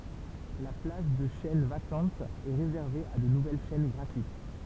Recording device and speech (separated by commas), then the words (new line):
temple vibration pickup, read sentence
La plage de chaînes vacantes est réservée à de nouvelles chaînes gratuites.